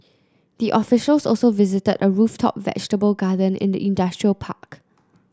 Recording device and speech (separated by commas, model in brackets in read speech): close-talking microphone (WH30), read sentence